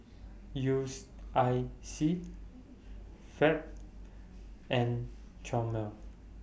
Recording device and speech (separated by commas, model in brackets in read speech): boundary microphone (BM630), read sentence